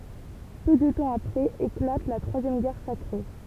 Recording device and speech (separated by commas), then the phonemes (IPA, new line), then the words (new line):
temple vibration pickup, read sentence
pø də tɑ̃ apʁɛz eklat la tʁwazjɛm ɡɛʁ sakʁe
Peu de temps après éclate la troisième Guerre sacrée.